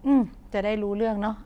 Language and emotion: Thai, neutral